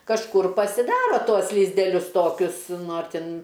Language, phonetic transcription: Lithuanian, kažˈkur pasiˈdaro ˈtuos lizdeˈlius ˈtokius ˈnu ar ˈtin

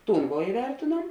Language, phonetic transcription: Lithuanian, ˈtūn vo iˈvertėnuom

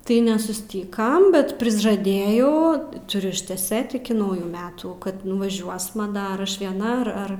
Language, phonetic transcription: Lithuanian, tai nesuˈstykam bet prižaˈdėjau tuˈriu išteˈsėt iki ˈnaujų ˈmetų kad nuvaˈžiuosma ˈdar ˈaš vieˈna ar ˈar

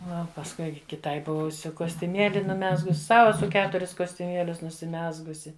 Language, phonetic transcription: Lithuanian, ˈnu o pasˈkui kiˈtai ˈbuvusiu kostiuˈmėli nuˈmezgus ˈsau eˈsu ˈketuris kostiuˈmielius nusiˈmezgusi

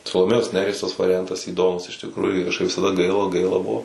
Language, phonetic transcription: Lithuanian, saloˈmėjos ˈneries tas variˈjantas įˈdomus iš tikˈrųju kažˈkaip visaˈda ˈgaila ˈgaila ˈbuvo

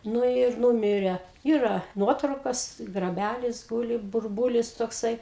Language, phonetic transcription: Lithuanian, ˈnu ir ˈnūmire ˈyra ˈnuotraukas graˈbælis ˈgūli burˈbūlis tokˈsai

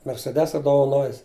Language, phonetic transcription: Lithuanian, merseˈdesa dovaˈnojis

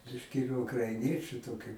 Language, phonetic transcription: Lithuanian, ˈbiški ir ukraiˈniečiu ˈtokiu

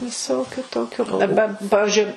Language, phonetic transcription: Lithuanian, viˈsokiu ˈtokiu aˈba ˈpavižiui

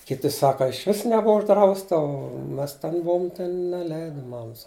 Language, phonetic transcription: Lithuanian, kiˈti ˈsaka išˈvis neˈbuva užˈdrausta o ˈmes ˈten ˈbuom ˈten neˈleida ˈmamas

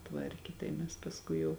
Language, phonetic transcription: Lithuanian, ˈtvarkė tai ˈmes pasˈkui jau

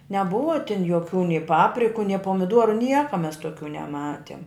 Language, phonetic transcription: Lithuanian, neˈbuva tin joˈkių ni ˈpapriku ni pomiˈdoru ˈnieka mes tuoˈkių neˈmatiem

